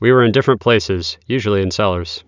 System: none